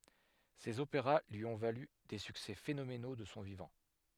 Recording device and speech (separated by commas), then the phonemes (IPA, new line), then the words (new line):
headset microphone, read sentence
sez opeʁa lyi ɔ̃ valy de syksɛ fenomeno də sɔ̃ vivɑ̃
Ses opéras lui ont valu des succès phénoménaux de son vivant.